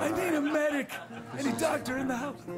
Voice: in frail, scratchy voice